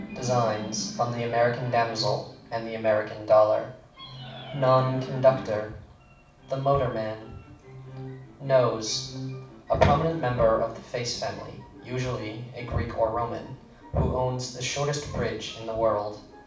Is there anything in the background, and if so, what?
A television.